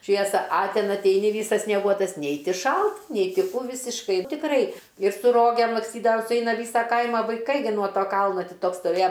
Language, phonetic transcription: Lithuanian, ˈšviesa a ˈten atˈeini ˈvysas snieˈguotas ˈnei ˈti ˈšalt ˈnei ˈti ˈkų ˈvisiškai tikˈrai ir su ˈrogėm laksˈtydavam suˈeina ˈvysa ˈkaima vaiˈkai nuo ˈto ˈkalno ˈtį ˈtoks stoˈvėja

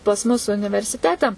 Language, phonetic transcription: Lithuanian, pas ˈmus universiˈtete

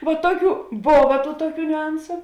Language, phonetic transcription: Lithuanian, va ˈtuoˌkių ˈbova ˈtų ˈtuoˌkių niuˈansu

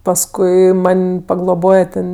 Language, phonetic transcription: Lithuanian, pasˈkui ˈman' pagloˈboje ten

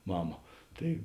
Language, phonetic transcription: Lithuanian, ˈmama ˈtai

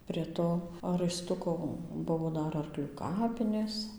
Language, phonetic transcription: Lithuanian, prie ˈto raiˈstuko ˈbuvo ˈdar arˈklių ˈkapinės

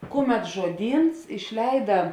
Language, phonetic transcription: Lithuanian, ˈkuˌmet žuoˈdyns išˈleida

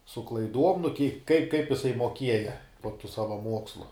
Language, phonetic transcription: Lithuanian, su klaiˈduom nu kie kaip kaip jiˈsai moˈkieja po tų ˈsava ˈmuokslu

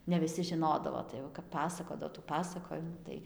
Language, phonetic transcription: Lithuanian, ne viˈsi žiˈnodavo tai jau kap ˈpasakodavo tų ˈpasakojimų ˈtai

